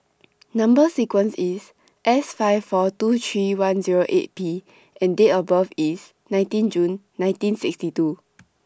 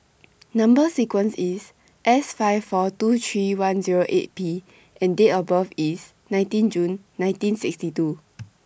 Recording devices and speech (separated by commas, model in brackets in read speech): standing microphone (AKG C214), boundary microphone (BM630), read sentence